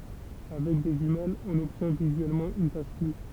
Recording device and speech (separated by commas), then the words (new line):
temple vibration pickup, read sentence
Avec des jumelles, on obtient visuellement une tache floue.